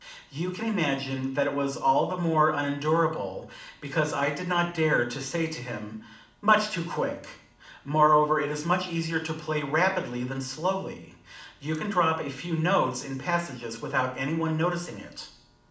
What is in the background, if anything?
Nothing.